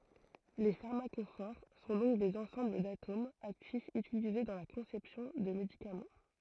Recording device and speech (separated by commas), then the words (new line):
throat microphone, read sentence
Les pharmacophores sont donc des ensembles d'atomes actifs utilisés dans la conception de médicaments.